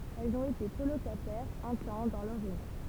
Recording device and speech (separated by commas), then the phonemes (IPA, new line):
temple vibration pickup, read sentence
ɛlz ɔ̃t ete kolokatɛʁz œ̃ tɑ̃ dɑ̃ lœʁ ʒønɛs